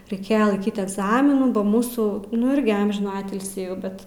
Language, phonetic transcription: Lithuanian, reiˈkėje laiˈkyt egˈzaminų ba ˈmūsų nu ˈirgi ˈamžinų ˈatilsį jau ˈbet

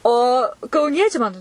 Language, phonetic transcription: Lithuanian, o kauˈniečiai man

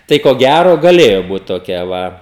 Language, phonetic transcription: Lithuanian, ˈtai ko ˈgæro gaˈlėjo ˈbūt toˈkia ˈva

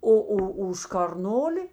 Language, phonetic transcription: Lithuanian, ˈo ˈo už karˈnoli

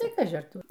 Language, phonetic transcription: Lithuanian, ˈtai ˈkaži ar ˈtur

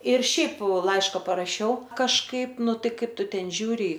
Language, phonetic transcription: Lithuanian, ir ˈšiaip ˈlaiška paraˈšiau kažˈkaip ˈnu ˈtai ˈkaip ˈtu ˈten ˈžiūri

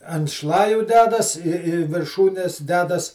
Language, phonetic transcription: Lithuanian, ant ˈšlaju ˈdedas ir i virˈšūnes ˈdedas

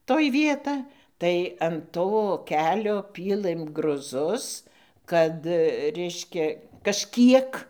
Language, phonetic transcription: Lithuanian, toj ˈvieta tai an ˈto ˈkelio ˈpylɘm gruˈzus ˈkad ˈreiškia kažˈkiek

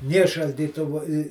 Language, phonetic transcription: Lithuanian, ˈnė šaldyˈtuvu i

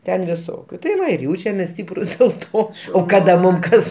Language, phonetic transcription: Lithuanian, ˈten viˈsokiu tai ˈva ir ˈjaučiamės ˈstyprus dėl ˈto o ˈkada ˈmum ˈkas

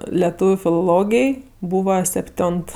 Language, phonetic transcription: Lithuanian, leˈtūviu filoˈlogij ˈbūva sepˈtiont

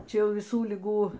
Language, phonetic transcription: Lithuanian, ˈčia ˈjau viˈsų liˈgų

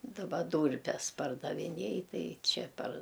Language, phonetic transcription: Lithuanian, daˈba ˈdūrpes pardaviˈnėj ˈtai ˈčia par

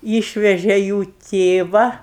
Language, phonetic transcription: Lithuanian, ˈyšveže jų ˈtėva

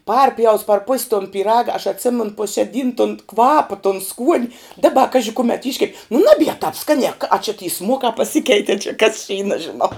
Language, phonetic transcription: Lithuanian, ˈparpjaus par pus' ton pyˈraga aš atˈsimen pu šia ˈdyn ton ˈkvapa ton skuon' ˈdaba ˈkaži ˈkumet ˈiškep' nu ˈnabie tap ˈskanie k a či ty ˈsmuokā paˈsikeitie čia kas čia y nažiˈnau

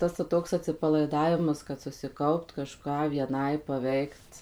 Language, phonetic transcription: Lithuanian, ˈtas va ˈtoks atsipalaiˈdavimas kad susiˈkaupt kaˈžką vieˈnai paˈveikt

